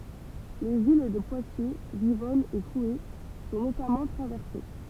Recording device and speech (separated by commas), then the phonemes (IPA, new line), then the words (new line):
temple vibration pickup, read sentence
le vil də pwatje vivɔn e kue sɔ̃ notamɑ̃ tʁavɛʁse
Les villes de Poitiers, Vivonne et Couhé sont notamment traversées.